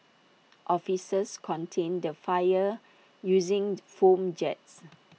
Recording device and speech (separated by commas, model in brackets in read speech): mobile phone (iPhone 6), read sentence